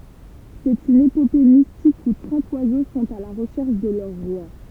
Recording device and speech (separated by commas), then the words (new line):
temple vibration pickup, read sentence
C'est une épopée mystique où trente oiseaux sont à la recherche de leur Roi.